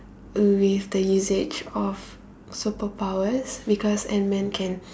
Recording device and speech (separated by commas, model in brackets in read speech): standing microphone, conversation in separate rooms